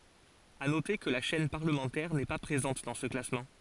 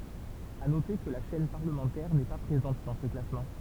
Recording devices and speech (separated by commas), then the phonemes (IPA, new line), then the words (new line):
forehead accelerometer, temple vibration pickup, read sentence
a note kə la ʃɛn paʁləmɑ̃tɛʁ nɛ pa pʁezɑ̃t dɑ̃ sə klasmɑ̃
À noter que la chaîne parlementaire n'est pas présente dans ce classement.